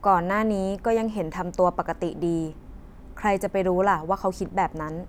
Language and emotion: Thai, neutral